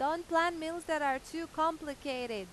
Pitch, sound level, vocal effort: 315 Hz, 95 dB SPL, very loud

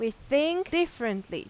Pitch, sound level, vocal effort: 260 Hz, 90 dB SPL, very loud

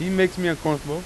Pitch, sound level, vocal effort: 170 Hz, 92 dB SPL, loud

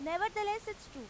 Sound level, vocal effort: 96 dB SPL, very loud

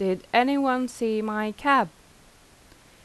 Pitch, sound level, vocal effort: 215 Hz, 86 dB SPL, normal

